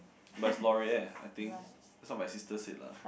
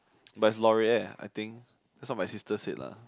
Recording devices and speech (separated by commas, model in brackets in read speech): boundary microphone, close-talking microphone, conversation in the same room